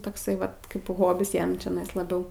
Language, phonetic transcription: Lithuanian, tokˈsai ˈvat ˈkaip ˈhobis ˈjam čiaˈnais laˈbiau

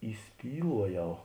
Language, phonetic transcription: Lithuanian, įˈspyluoˌjau

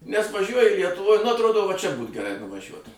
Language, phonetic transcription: Lithuanian, nes vaˈžiuoji lietuˈvoj nu atˈrodo va čia būt geˈrai nuvaˈžiuot

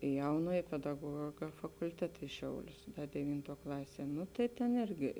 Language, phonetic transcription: Lithuanian, i ˈjaunuoj pedaˈguoga fakulˈteta i ˈšiaulius deˈvyntuo ˈklasie ˈnu tai tėn ˈirgi

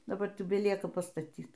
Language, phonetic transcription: Lithuanian, daˈbar tik beˈlieka pastaˈtyt

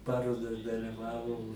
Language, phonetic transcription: Lithuanian, ˈparodas daliˈvavau

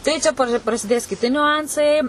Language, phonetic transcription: Lithuanian, ˈtai čia par prasiˈdės kiˈti niuˈansai

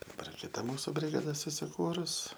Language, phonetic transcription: Lithuanian, daˈbar kiˈta ˈmūsu brigaˈda susiˈkūrus

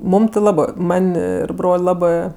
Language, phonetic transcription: Lithuanian, ˈmūm ti ˈlabɜ ˈman' ˈir ˈbrol' ˈlabɜ

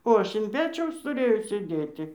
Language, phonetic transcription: Lithuanian, o ˈaš in ˈpečiaus tuˈrėjau sėˈdėti

